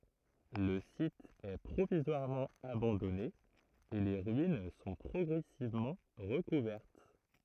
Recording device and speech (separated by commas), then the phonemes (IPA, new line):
throat microphone, read sentence
lə sit ɛ pʁovizwaʁmɑ̃ abɑ̃dɔne e le ʁyin sɔ̃ pʁɔɡʁɛsivmɑ̃ ʁəkuvɛʁt